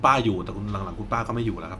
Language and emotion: Thai, neutral